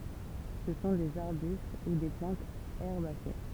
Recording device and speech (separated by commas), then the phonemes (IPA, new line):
temple vibration pickup, read sentence
sə sɔ̃ dez aʁbyst u de plɑ̃tz ɛʁbase